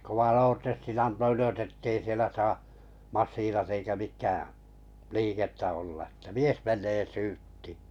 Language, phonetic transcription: Finnish, ne koʷan̬ 'oortestin 'anto 'ylös ettei 'sielä saa , 'massiinat eikä mik̀ä , "liikettä olla ᵉttä "mies 'meǹee "syyttɪɪ .
- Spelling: ne kovan oortestin antoi ylös että ei siellä saa masiinat eikä mikä liikettä olla että mies menee syyttiin

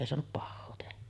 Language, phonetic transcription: Finnish, èi soanup 'pahhoo tehä .
- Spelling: ei saanut pahaa tehdä

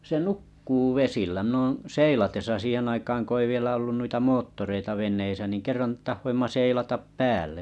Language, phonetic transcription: Finnish, se’ , se "nukkuu "vesillä 'mi'n ‿ooo̰ 'seilatesa 'siihen aikaaŋ ko ei 'vielä ollun nuita 'moottoreita 'ven̆neisä nìŋ 'kerran 'tahhoimma 'seilatap "päälle .
- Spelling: se se nukkuu vesillä minä olen seilatessa siihen aikaan kun ei vielä ollut noita moottoreita veneissä niin kerran tahdoimme seilata päälle

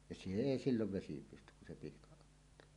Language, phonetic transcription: Finnish, ja 'se "èi "sillov 'vesi 'pystyk kun̬ se pihkaˀ ˀottaa .
- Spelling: ja se ei silloin vesi pysty kun se pihka ottaa

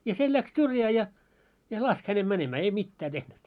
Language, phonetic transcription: Finnish, ja 'se läks 'syrjää ja , ja "lask hänem 'mänemää ei "mittää tehnyt .
- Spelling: ja se lähti syrjään ja ja laski hänet menemään ei mitään tehnyt

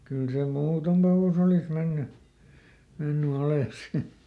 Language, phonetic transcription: Finnish, ˈkyl se "muuton ‿alus ‿olih ˈmenny , ˈmenny ˈales si .
- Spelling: kyllä se muuten alus oli mennyt mennyt alas sitten

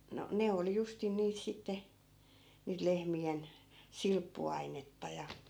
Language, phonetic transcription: Finnish, no , 'ne oli justin 'niit 'sitte , niit 'lehmi₍en , "silppu₍ainetta ja .
- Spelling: no ne oli justiin niitä sitten niitä lehmien silppuainetta ja

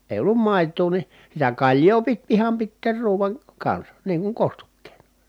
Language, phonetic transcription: Finnish, èi̮ ollum mài̮t̀uu ni , sitä kaĺjoo pit iham pitteer ruuvan , kansa , niiŋ kuŋ kostukkeenA .
- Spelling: ei ollut maitoa niin sitä kaljaa piti ihan pitää ruuan kanssa niin kuin kostukkeena

